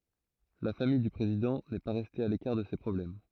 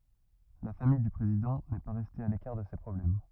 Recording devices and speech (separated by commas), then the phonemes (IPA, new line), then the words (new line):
throat microphone, rigid in-ear microphone, read sentence
la famij dy pʁezidɑ̃ nɛ pa ʁɛste a lekaʁ də se pʁɔblɛm
La famille du président n'est pas restée à l'écart de ces problèmes.